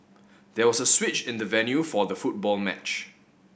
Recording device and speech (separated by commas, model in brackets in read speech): boundary microphone (BM630), read sentence